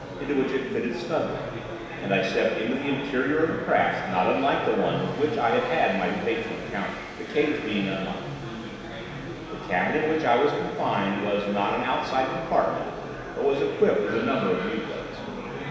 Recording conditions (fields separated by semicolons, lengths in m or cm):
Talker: one person; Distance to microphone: 1.7 m; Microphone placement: close; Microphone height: 1.0 m; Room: very reverberant, large; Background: babble